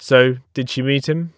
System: none